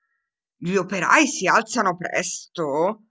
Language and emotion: Italian, surprised